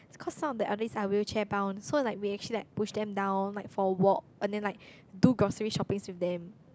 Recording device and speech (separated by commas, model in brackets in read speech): close-talking microphone, conversation in the same room